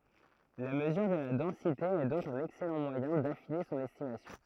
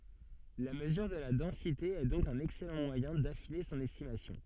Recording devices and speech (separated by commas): throat microphone, soft in-ear microphone, read sentence